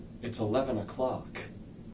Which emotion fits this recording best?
neutral